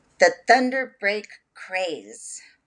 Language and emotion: English, disgusted